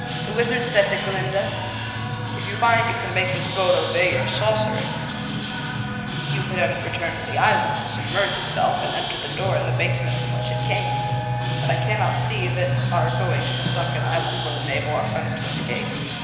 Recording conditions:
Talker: one person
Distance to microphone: 1.7 m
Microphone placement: close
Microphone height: 1.0 m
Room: very reverberant, large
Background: music

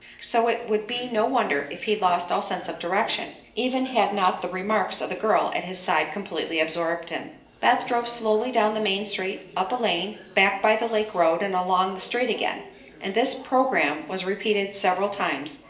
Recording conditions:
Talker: one person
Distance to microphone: 1.8 m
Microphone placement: close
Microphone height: 1.0 m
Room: large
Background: television

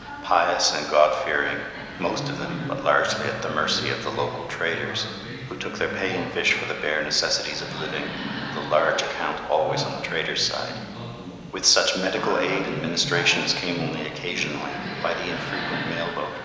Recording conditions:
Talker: one person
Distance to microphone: 1.7 m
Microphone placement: close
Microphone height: 1.0 m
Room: very reverberant, large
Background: television

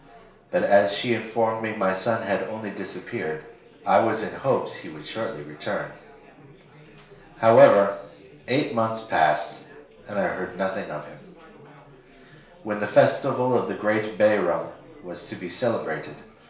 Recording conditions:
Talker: one person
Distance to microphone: 1.0 m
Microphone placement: close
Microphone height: 1.1 m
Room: small (3.7 m by 2.7 m)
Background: babble

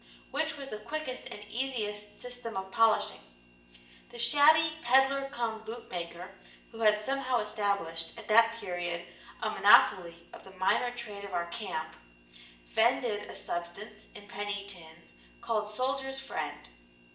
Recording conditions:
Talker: one person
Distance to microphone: 1.8 m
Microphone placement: close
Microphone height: 1.0 m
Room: large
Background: none

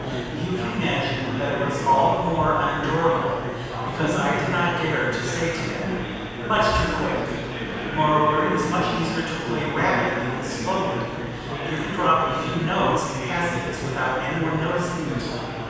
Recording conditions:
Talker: one person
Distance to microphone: 7.1 m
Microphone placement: far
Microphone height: 1.7 m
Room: very reverberant, large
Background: babble

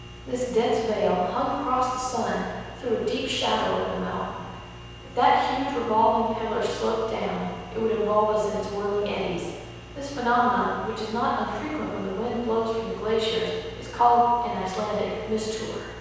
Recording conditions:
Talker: one person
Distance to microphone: 7.1 m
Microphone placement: far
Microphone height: 1.7 m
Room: very reverberant, large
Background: none

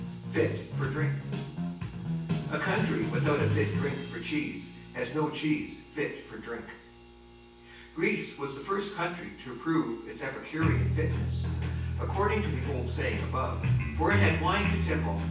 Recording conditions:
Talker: one person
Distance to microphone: 9.8 m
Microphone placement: far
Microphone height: 1.8 m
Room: large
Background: music

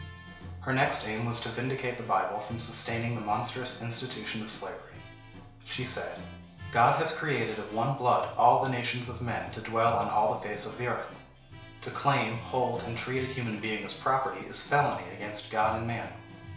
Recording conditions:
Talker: one person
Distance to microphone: 1.0 m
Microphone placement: close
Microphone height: 1.1 m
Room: small (3.7 m by 2.7 m)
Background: music

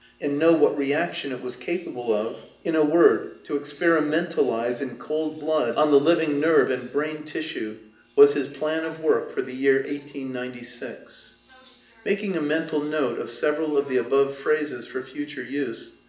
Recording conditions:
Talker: one person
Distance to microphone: 1.8 m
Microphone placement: close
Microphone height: 1.0 m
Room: large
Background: television

